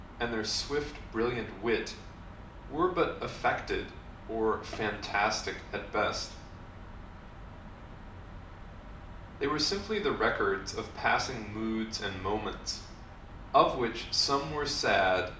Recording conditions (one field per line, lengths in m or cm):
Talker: one person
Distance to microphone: 2.0 m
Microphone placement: close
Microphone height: 99 cm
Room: medium-sized (5.7 m by 4.0 m)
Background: none